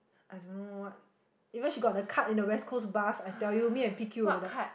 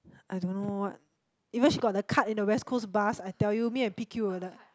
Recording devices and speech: boundary microphone, close-talking microphone, conversation in the same room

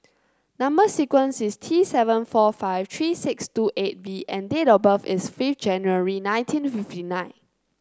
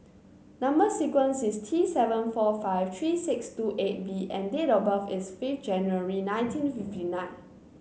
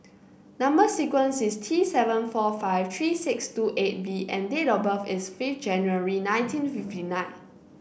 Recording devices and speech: close-talking microphone (WH30), mobile phone (Samsung C9), boundary microphone (BM630), read sentence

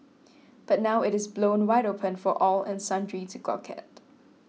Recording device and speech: mobile phone (iPhone 6), read sentence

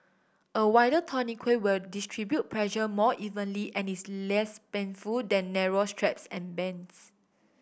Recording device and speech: boundary microphone (BM630), read sentence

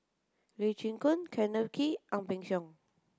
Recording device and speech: close-talking microphone (WH30), read sentence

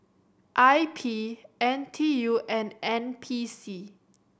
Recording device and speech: boundary microphone (BM630), read sentence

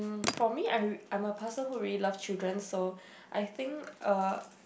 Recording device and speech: boundary microphone, conversation in the same room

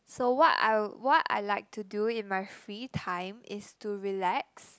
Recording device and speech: close-talking microphone, conversation in the same room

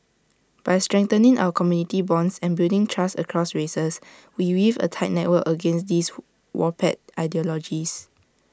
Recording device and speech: standing microphone (AKG C214), read sentence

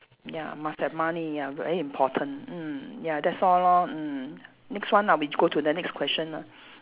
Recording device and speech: telephone, conversation in separate rooms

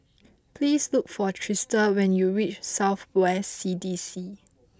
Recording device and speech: close-talking microphone (WH20), read sentence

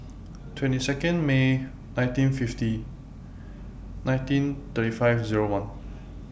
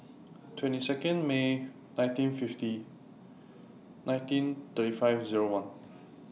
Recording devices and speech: boundary microphone (BM630), mobile phone (iPhone 6), read sentence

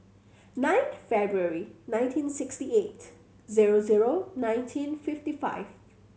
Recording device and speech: mobile phone (Samsung C7100), read sentence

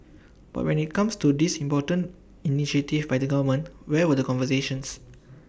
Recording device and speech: boundary microphone (BM630), read sentence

